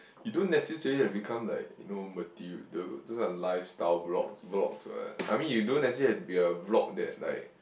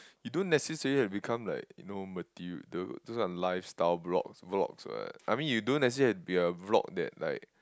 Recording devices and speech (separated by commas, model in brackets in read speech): boundary microphone, close-talking microphone, conversation in the same room